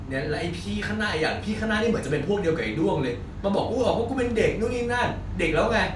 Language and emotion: Thai, angry